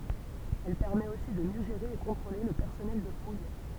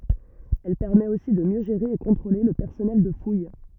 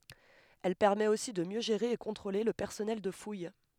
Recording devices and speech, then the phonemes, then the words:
temple vibration pickup, rigid in-ear microphone, headset microphone, read sentence
ɛl pɛʁmɛt osi də mjø ʒeʁe e kɔ̃tʁole lə pɛʁsɔnɛl də fuj
Elle permet aussi de mieux gérer et contrôler le personnel de fouille.

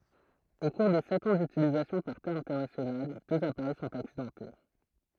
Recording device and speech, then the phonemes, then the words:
throat microphone, read sentence
o kuʁ de sɛt ɑ̃ dytilizasjɔ̃ paʁ te ɛ̃tɛʁnasjonal døz apaʁɛj sɔ̃t aksidɑ̃te
Au cours des sept ans d'utilisation par Thai International, deux appareils sont accidentés.

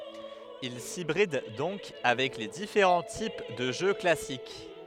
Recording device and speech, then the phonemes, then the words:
headset microphone, read sentence
il sibʁid dɔ̃k avɛk le difeʁɑ̃ tip də ʒø klasik
Il s'hybride donc avec les différents types de jeu classique.

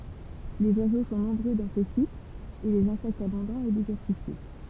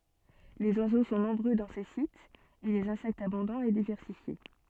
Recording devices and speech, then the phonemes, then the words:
temple vibration pickup, soft in-ear microphone, read sentence
lez wazo sɔ̃ nɔ̃bʁø dɑ̃ se sitz e lez ɛ̃sɛktz abɔ̃dɑ̃z e divɛʁsifje
Les oiseaux sont nombreux dans ces sites et les insectes abondants et diversifiés.

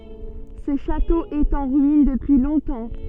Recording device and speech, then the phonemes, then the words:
soft in-ear microphone, read sentence
sə ʃato ɛt ɑ̃ ʁyin dəpyi lɔ̃tɑ̃
Ce château est en ruines depuis longtemps.

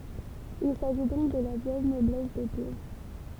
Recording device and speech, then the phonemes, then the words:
temple vibration pickup, read sentence
il saʒi dɔ̃k də la vjɛl nɔblɛs depe
Il s'agit donc de la vielle noblesse d'épée.

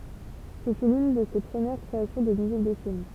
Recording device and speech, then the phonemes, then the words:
temple vibration pickup, read sentence
sə fy lyn də se pʁəmiʁ kʁeasjɔ̃ də myzik də film
Ce fut l'une de ses premieres créations de musique de film.

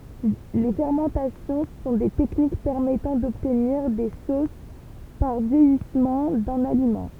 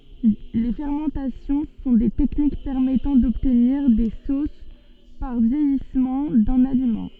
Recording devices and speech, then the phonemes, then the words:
temple vibration pickup, soft in-ear microphone, read sentence
le fɛʁmɑ̃tasjɔ̃ sɔ̃ de tɛknik pɛʁmɛtɑ̃ dɔbtniʁ de sos paʁ vjɛjismɑ̃ dœ̃n alimɑ̃
Les fermentations sont des techniques permettant d'obtenir des sauces par vieillissement d'un aliment.

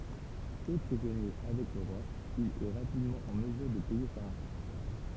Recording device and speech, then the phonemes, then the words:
temple vibration pickup, read sentence
fɛ pʁizɔnje avɛk lə ʁwa il ɛ ʁapidmɑ̃ ɑ̃ məzyʁ də pɛje sa ʁɑ̃sɔ̃
Fait prisonnier avec le roi, il est rapidement en mesure de payer sa rançon.

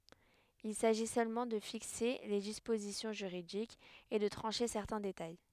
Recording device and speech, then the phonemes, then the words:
headset microphone, read sentence
il saʒi sølmɑ̃ də fikse le dispozisjɔ̃ ʒyʁidikz e də tʁɑ̃ʃe sɛʁtɛ̃ detaj
Il s'agit seulement de fixer les dispositions juridiques et de trancher certains détails.

